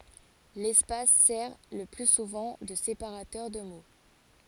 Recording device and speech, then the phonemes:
forehead accelerometer, read sentence
lɛspas sɛʁ lə ply suvɑ̃ də sepaʁatœʁ də mo

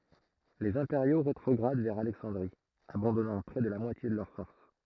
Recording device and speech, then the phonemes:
throat microphone, read sentence
lez ɛ̃peʁjo ʁetʁɔɡʁad vɛʁ alɛksɑ̃dʁi abɑ̃dɔnɑ̃ pʁɛ də la mwatje də lœʁ fɔʁs

